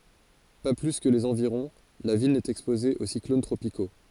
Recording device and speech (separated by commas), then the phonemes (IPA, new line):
forehead accelerometer, read sentence
pa ply kə lez ɑ̃viʁɔ̃ la vil nɛt ɛkspoze o siklon tʁopiko